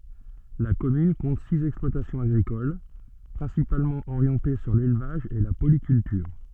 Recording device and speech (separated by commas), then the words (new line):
soft in-ear microphone, read sentence
La commune compte six exploitations agricoles, principalement orientées sur l'élevage et la polyculture.